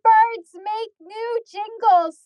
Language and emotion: English, fearful